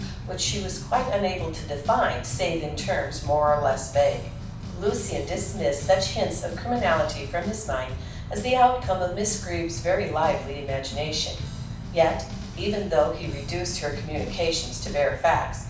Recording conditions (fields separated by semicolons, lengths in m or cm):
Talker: one person; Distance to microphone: 5.8 m; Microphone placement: far; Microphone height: 1.8 m; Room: medium-sized (5.7 m by 4.0 m); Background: music